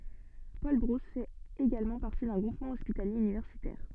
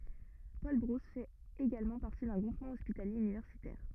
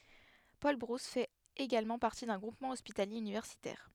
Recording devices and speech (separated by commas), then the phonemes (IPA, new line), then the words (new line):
soft in-ear microphone, rigid in-ear microphone, headset microphone, read sentence
polbʁus fɛt eɡalmɑ̃ paʁti dœ̃ ɡʁupmɑ̃ ɔspitalje ynivɛʁsitɛʁ
Paul-Brousse fait également partie d'un groupement hospitalier universitaire.